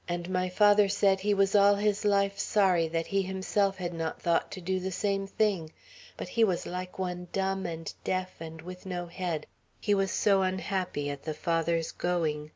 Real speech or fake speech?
real